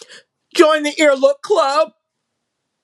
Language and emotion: English, sad